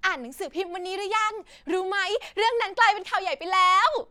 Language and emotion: Thai, happy